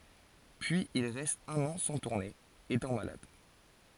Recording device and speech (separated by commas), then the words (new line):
forehead accelerometer, read sentence
Puis il reste un an sans tourner, étant malade.